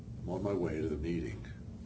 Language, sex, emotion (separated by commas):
English, male, neutral